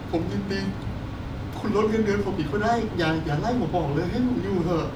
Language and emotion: Thai, sad